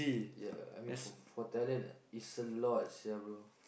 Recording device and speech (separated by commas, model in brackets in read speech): boundary microphone, conversation in the same room